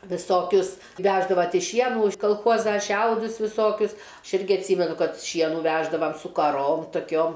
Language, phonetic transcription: Lithuanian, viˈsokius ˈveždava ˈtei ˈšienų iš kalˈchuoza ˈšiaudus viˈsokius ˈaš ˈirgi atˈsymenu ˈkad ˈšienų ˈveždavam su kaˈrom toˈkiom

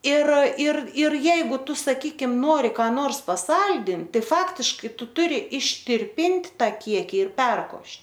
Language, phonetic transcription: Lithuanian, ir ir ir ˈjeigu ˈtu saˈkykim ˈnori ką ˈnors paˈsaldint ˈtai ˈfaktiškai ˈtu ˈturi ištirpint' ˈtą ˈkieki ir ˈperkošt'

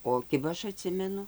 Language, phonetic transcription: Lithuanian, o ˈkiba ˈaš aˈtsimenu

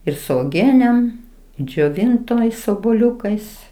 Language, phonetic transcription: Lithuanian, ir su oˈgienem džioˈvintois obuoˈliukais

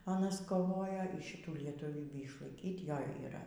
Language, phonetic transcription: Lithuanian, aˈnas koˈvojo yˈšitų lietuˈvybį išlaiˈkyt ˈjo yˈra

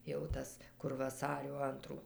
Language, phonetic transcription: Lithuanian, jau ˈtas kur vaˈsario ˈantrų

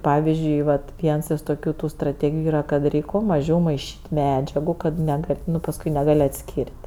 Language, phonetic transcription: Lithuanian, ˈpavizdžiui ˈvat ˈviens iš toˈkių tu straˈtėgiju ˈyra kad ˈreik' kuo maˈžiau maiˈšyt' ˈmedžiagu kad neˈgal' ˈnu pasˈkui neˈgal' atˈskyr't'

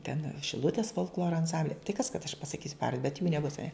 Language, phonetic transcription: Lithuanian, ten šiˈlutės folkˈloro anˈsamblia tai kas kad aš pasaˈkysiu ˈpavar bet jų neˈbus aˈne

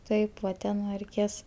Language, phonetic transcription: Lithuanian, ˈtaip va ˈten nu reiˈkės

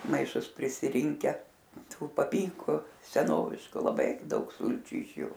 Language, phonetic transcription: Lithuanian, maiˈšus prisiˈrinke ˈtų paˈpynku seˈnovišku laˈbai ˈdaug ˈsulčiu iš ˈju

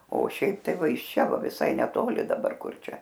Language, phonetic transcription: Lithuanian, o ˈšiaip ˈtai ˈva iš ˈčia ˈva viˈsai neˈtoli daˈbar ˈkur ˈčia

